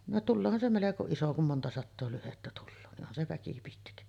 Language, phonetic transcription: Finnish, no "tulloohan se 'meleko iso kum 'monta sattoo lyhettä tulloo ni ’onhan se 'väki pitkä .
- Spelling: no tuleehan se melko iso kun monta sataa lyhdettä tulee niin onhan se väki pitkä

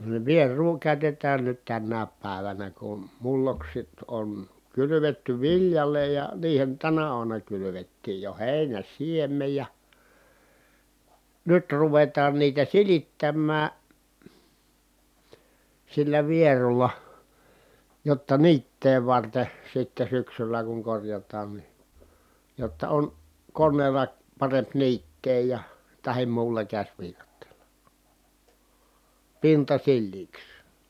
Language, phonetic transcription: Finnish, niv vier̀uu kä̀y̬tet̀ään nyt tännääp pä̀evänä kun , mulloksit on , kylyvetty viljale ja , niihen tänä uamuna kylyvettiij jo hèi̮nän̬ siemmej ja , nyt ruvetaan niitä silittämmää , sillä vierulla , jotta niittee varte , sitte syksylä kuŋ korjat̀aan ni , jotta on , konneela , paremp niittee ja , tahi̮m muulla käśviikatteela , pinta silliiks .
- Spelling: niin vierua käytetään nyt tänäkin päivänä kun mullokset on kylvetty viljalle ja niihin tänä aamuna kylvettiin jo heinän siemen ja nyt ruvetaan niitä silittämään sillä vierulla jotta niittää varten sitten syksyllä kun korjataan niin jotta on koneella parempi niittää ja tai muulla käsiviikatteella pinta sileäksi

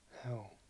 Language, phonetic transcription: Finnish, hjuu .
- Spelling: juu

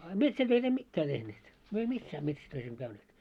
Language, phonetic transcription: Finnish, a 'metsätöit ‿em "mittää tehneet , myö ei "missää 'metsätöis emᵐᵒ̈ käyneet .
- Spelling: a metsätöitä emme mitään tehneet me ei missään metsätöissä emme käyneet

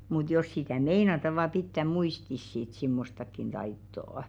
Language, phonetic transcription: Finnish, mut 'jos sitä̀ "meinata và 'pittä "muistis sit 'simmostakkin taittò₍ᵒ .
- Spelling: mutta jos sitä meinataan vain pitää muistissa sitten semmoistakin taitoa

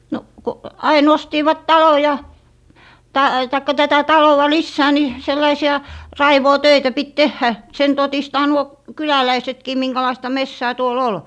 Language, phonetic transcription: Finnish, no ko 'ai'n ‿ostiivat "talo ja , ta - taikka 'tätä "talowa "lissää ni , sellaisi₍a , "raivoo'töitä pit "tehhä , sen 'totistaa nuo 'kyläläisetkii miŋkälaista "messää 'tuo"l ‿ol .
- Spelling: no kun aina ostivat talon ja - tai tätä taloa lisää niin sellaisia raivuutöitä piti tehdä sen todistaa nuo kyläläisetkin minkälaista metsää tuolla oli

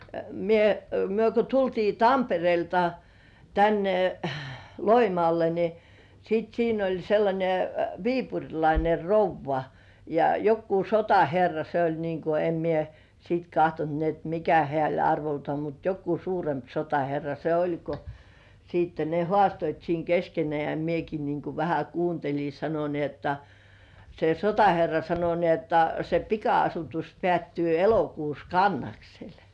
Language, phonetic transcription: Finnish, mie , 'myö ko 'tultii "Tamperĭèlta , tänne , 'Loimŏàlle ni , sit 'siin ‿oĺ 'sellańe "viipuŕlaine "rouvva , ja 'jokkuu "sotaherra se ‿oĺ niiŋ ku em mie , sit 'kahtont ni ‿et "mikä hĕä̀§ ‿oĺ 'arvoltŏà , mut jokkuu 'suuremp "sotaherra se 'oĺ ko , siitte ne "hŏàstoit siiŋ 'keskenĕä̀ ja "mieki niiŋ ku vähä 'kuunteĺi , sano ni ‿otta , se "sotaherra sano ni ‿otta , » se 'pika₍asutus pĕä̀ttyy 'elokuus "Kannaksel « .
- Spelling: minä me kun tultiin Tampereelta tänne Loimaalle niin sitten siinä oli sellainen viipurilainen rouva ja joku sotaherra se oli niin kuin en minä sitten katsonut niin että mikä hän oli arvoltaan mutta joku suurempi sotaherra se oli kun sitten ne haastoivat siinä keskenään ja minäkin niin kuin vähän kuuntelin sanoi niin jotta se sotaherra sanoi niin jotta se pika-asutus päättyy elokuussa Kannaksella

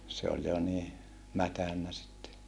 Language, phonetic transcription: Finnish, se oĺ jo nii , mätännä sitte .
- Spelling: se oli jo niin mädännyt sitten

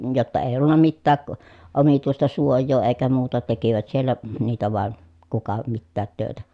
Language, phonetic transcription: Finnish, jotta èiʲ ‿ollunna mittääk , omituista suoj̆joo èi̮kä muuta tekivät siellä , niitä vàen , kuka mittäät tö̀etä .
- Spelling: jotta ei ollut mitään omituista suojaa eikä muuta tekivät siellä niitä vain kuka mitäkin töitä

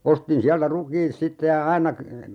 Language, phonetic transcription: Finnish, 'ostin 'siältä 'rukiit "sitte ja 'aina kə- , .
- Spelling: ostin sieltä rukiit sitten ja aina -

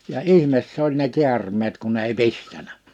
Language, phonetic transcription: Finnish, ja "’ihmes s ‿oĺ ne 'ki̬ärm̀eet kun ‿ei "pistänä .
- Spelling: ja ihme se oli ne käärmeet kun ei pistänyt

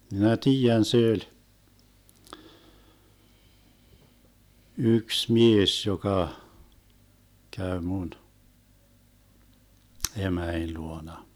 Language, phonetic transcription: Finnish, 'minä "tiijän se öĺ , 'yks "mies 'joka , 'käy 'mun , 'emäin 'luona .
- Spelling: minä tiedän se oli yksi mies joka kävi minun emäni luona

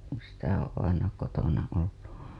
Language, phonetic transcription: Finnish, kuṵ sitä oo̰ aina kotona ollu .
- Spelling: kun sitä on aina kotona ollut

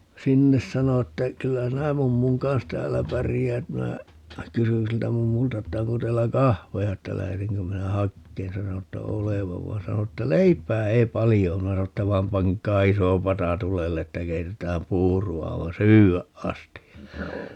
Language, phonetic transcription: Finnish, "sinnes - 'sano että , » 'kyllä 'sinä "mummuŋ kans "täällä 'pärijäät » - minä , 'kysyn siltä 'mummulta että » 'onko 'teillä "kahveja » että » 'lähe(tä)ŋkö minä "hakkeen » 'sano (että) "olevav vai̮ 'sano että » "leip̀ää ei 'palijo om » 'minä sano ‿tta » 'vai̮m 'paŋk̆kaa 'iso 'pata "tulelle » ‿ttä » 'keitetään "puuru₍a 'aivan̬ "syy₍äʼ 'ʼasti » .
- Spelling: - sanoi että kyllä sinä mummun kanssa täällä pärjäät minä kysyin siltä mummulta että onko teillä kahveja että lähetänkö minä hakemaan sanoi että olevan vaan sanoi että leipää ei paljon ole minä sanoin että vaan pankaa iso pata tulelle että keitetään puuroa aivan syödä asti

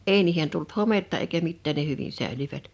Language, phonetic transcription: Finnish, èi niihen tult "hometta eikä 'mittään ne 'hyvin 'sä̀ḙlyvät .
- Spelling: ei niihin tullut hometta eikä mitään ne hyvin säilyivät

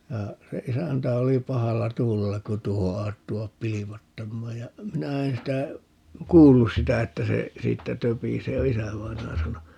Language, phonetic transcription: Finnish, 'ja , se 'isäntä oli 'pahalla "tuulella ku 'tuoho ('asettuvap) "piipattammaaj ja , 'minä en sitä , "kuullus sitä 'että se , 'siittä 'töpisee ja "isävainaja 'sano .
- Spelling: ja se isäntä oli pahalla tuulella kun tuohon asettuivat piipattamaan ja minä en sitä kuullut sitä että se siitä töpisee ja isävainaja sanoi

